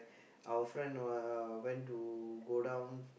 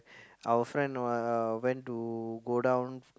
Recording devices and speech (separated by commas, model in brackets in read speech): boundary microphone, close-talking microphone, conversation in the same room